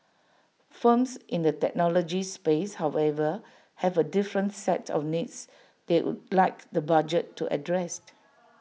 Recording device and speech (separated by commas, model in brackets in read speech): mobile phone (iPhone 6), read sentence